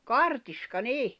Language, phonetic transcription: Finnish, kartiska 'nì .
- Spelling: kartiska niin

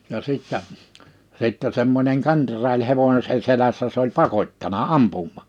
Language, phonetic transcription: Finnish, ja 'sìttä , sìttä semmońeŋ "kenDraaĺ 'hevońse 'selässä se ‿oĺ "pakot́tana "ampummà .
- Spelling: ja sitten sitten semmoinen kenraali hevosen selässä se oli pakottanut ampumaan

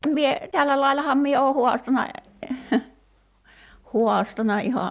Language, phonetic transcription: Finnish, mie , 'tällä lailaham 'mie oo 'huastana , "huastana 'iha ,.
- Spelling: minä tällä laillahan minä olen haastanut haastanut ihan

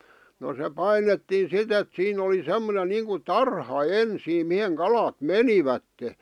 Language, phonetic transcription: Finnish, no se "painettiin̬ "sit ‿et 'siin ‿oli 'sem̆monen niiŋku "tarha "ensiim 'miheŋ "kalat "menivätte .
- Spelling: no se painettiin sitten että siinä oli semmoinen niin kuin tarha ensin mihin kalat menivät

